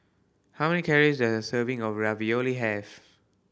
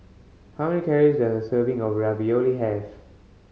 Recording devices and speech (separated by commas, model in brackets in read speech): boundary microphone (BM630), mobile phone (Samsung C5010), read sentence